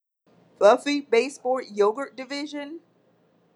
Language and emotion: English, disgusted